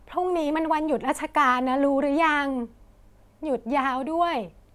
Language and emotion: Thai, happy